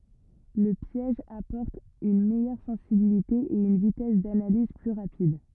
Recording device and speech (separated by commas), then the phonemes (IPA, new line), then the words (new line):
rigid in-ear microphone, read sentence
lə pjɛʒ apɔʁt yn mɛjœʁ sɑ̃sibilite e yn vitɛs danaliz ply ʁapid
Le piège apporte une meilleure sensibilité et une vitesse d'analyse plus rapide.